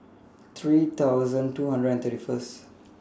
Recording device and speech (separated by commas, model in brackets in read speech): standing microphone (AKG C214), read sentence